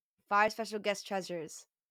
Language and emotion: English, neutral